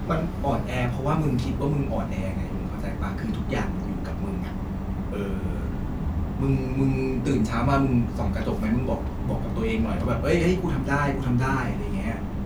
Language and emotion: Thai, neutral